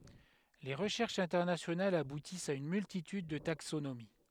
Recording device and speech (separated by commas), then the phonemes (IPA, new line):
headset microphone, read sentence
le ʁəʃɛʁʃz ɛ̃tɛʁnasjonalz abutist a yn myltityd də taksonomi